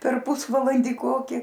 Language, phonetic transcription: Lithuanian, per ˈpusvalandį ˈkoki

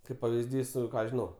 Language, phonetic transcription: Lithuanian, ˈkaip pavizˈdys ˈką žiˈnau

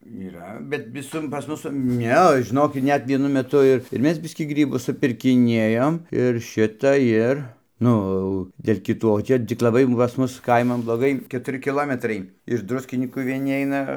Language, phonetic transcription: Lithuanian, yˈra bet viˈsur pas ˈmus ˈne žiˈnokit ˈnet vieˈnu meˈtu ir ir ˈmes ˈbiskį ˈgrybus supirkiˈniejom ir ˈšita ˈir ˈnu au dėl' kiˈtų o ˈčia tik laˈbai pas ˈmus ˈkaiman bloˈgai ketuˈri kiˈlometrai iš ˈdruskinykų vieˈni ˈaina

